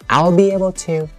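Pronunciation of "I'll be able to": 'I'll be able to' is said with a raised pitch, not with a falling intonation.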